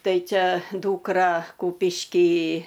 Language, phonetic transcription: Lithuanian, ˈtai ˈčia ˈdūkra ˈkūpišky

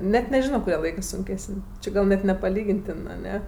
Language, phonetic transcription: Lithuanian, ˈnet neˈžino kuˈrie ˈlaikɜ ˈsunˈkesən' ˈči gal net nepaˈlygintin aˈne

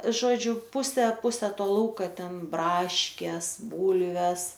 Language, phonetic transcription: Lithuanian, ˈžodžiu ˈpuse ˈpuse ˈto ˈlauka ˈten ˈbraškės ˈbūlves

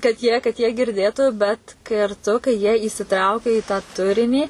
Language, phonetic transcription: Lithuanian, kad jie kad jie girˈdėtu bet karˈtu kai jie įsiˈtraukia i tą ˈturinį

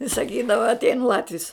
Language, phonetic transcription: Lithuanian, i saˈkydava atˈein ˈlatvis

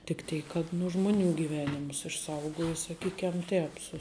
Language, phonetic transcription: Lithuanian, tik ˈteik kad nu ˈžmuˌnių gyˈvenimus išˈsaugojo saˈkykem ˈtēp su

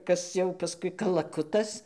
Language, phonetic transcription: Lithuanian, ˈkas jau paˈskui kalaˈkutas

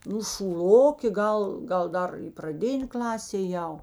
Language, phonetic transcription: Lithuanian, ˈnu šūˈlokė ˈgal ˈgal ˈdar praˈdinė ˈklasė ėˈjau

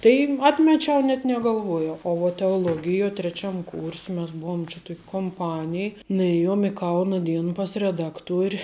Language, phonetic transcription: Lithuanian, tai ˈatmečiau net negalˈvuojau o vat teoˈlogijo treˈčiam kūrs' mes ˈbuom čia ˈtok' komˈpanij nuˈėjom i ˈkauna ˈdiena pas reˈdakˌtuori

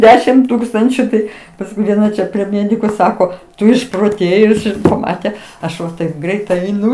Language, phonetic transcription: Lithuanian, ˈdešim ˈtūkstančiu ˈtai pasˈkui vieˈna čia prie ˈmėdiku ˈsako ˈtu išproˈtėjus ir paˈmate ˈaš va taip ˈgreit eiˈnu

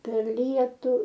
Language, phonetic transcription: Lithuanian, per ˈlietu

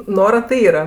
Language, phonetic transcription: Lithuanian, ˈnora ti ˈyra

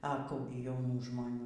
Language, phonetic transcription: Lithuanian, a ˈkų gi jauˈnų žmoˈnių

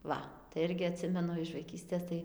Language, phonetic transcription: Lithuanian, ˈva tai ˈirgi aˈtsimenu iš vaiˈkystės ˈtai

